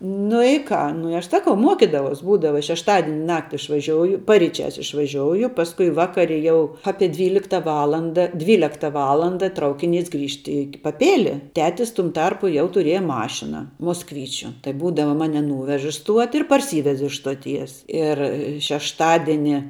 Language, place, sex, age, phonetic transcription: Lithuanian, Žemaitija, female, 18-60, nu i ˈką nu i ˈaš ˈsakau ˈmuokidavaus ˈbūdava šešˈtadini ˈnakti išvaˈžiouju paryˈčiās išvaˈžiouju ˈpaskui ˈvakari jau ˈapie ˈdvylikta ˈvalanda ˈdvylekta ˈvalanda ˈtraukiˌnys ˈgrįžt į paˈpėli ˈtetis tum ˈtarpu jau tuˈrieja ˈmašina mosˈkvyčiu tai ˈbūdava ˈmani ˈnūvež i ˈstuoti ir parˈsyvez iš stoˈties ir šešˈtadini

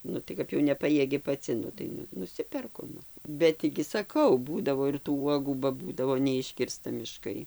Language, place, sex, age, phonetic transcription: Lithuanian, Dzūkija, female, 60+, ˈnu tai ˈkap jau neˈpajiegi paˈci ˈnu tai nu nuˈsiperku ˈnu ˈbet tį gi saˈkau ˈbūdavo ir tų ˈuogų ba ˈbūdavo neˈiškirsta miˈškai

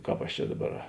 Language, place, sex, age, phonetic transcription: Lithuanian, Žemaitija, male, 60+, ˈkāp aš ˈčia ˈdaˌbar

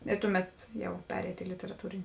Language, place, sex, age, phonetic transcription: Lithuanian, Žemaitija, female, 18-60, i ˈtuˌmet jau ˈpereito i literaˈtūrini

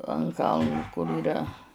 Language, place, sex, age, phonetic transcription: Lithuanian, Žemaitija, female, 60+, an ˈkalnu kur yˈra

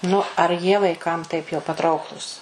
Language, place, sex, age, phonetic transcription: Lithuanian, Suvalkija, female, 60+, ˈnu ar ˈjie vaiˈkam taip jau paˈtrauklūs

